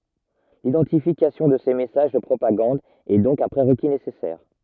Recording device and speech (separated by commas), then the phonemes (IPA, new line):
rigid in-ear microphone, read sentence
lidɑ̃tifikasjɔ̃ də se mɛsaʒ də pʁopaɡɑ̃d ɛ dɔ̃k œ̃ pʁeʁki nesɛsɛʁ